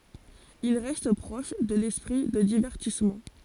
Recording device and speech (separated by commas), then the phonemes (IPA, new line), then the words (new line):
forehead accelerometer, read sentence
il ʁɛst pʁɔʃ də lɛspʁi də divɛʁtismɑ̃
Il reste proche de l’esprit de divertissement.